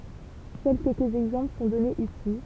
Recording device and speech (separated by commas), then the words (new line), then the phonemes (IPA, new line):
temple vibration pickup, read sentence
Seuls quelques exemples sont donnés ici.
sœl kɛlkəz ɛɡzɑ̃pl sɔ̃ dɔnez isi